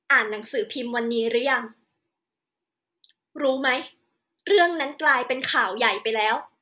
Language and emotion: Thai, frustrated